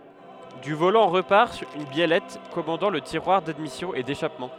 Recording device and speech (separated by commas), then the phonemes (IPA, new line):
headset microphone, read sentence
dy volɑ̃ ʁəpaʁ yn bjɛlɛt kɔmɑ̃dɑ̃ lə tiʁwaʁ dadmisjɔ̃ e deʃapmɑ̃